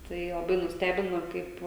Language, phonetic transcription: Lithuanian, ˈtai laˈbai nusˈtebino ˈkaip

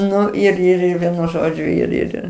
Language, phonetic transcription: Lithuanian, ˈnu ir ir ˈir ˈvienu ˈžodžiu ir ˈir

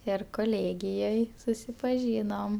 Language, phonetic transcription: Lithuanian, ˈir koˈlėgijoj susipaˈžynom

